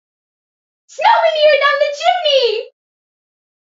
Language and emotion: English, happy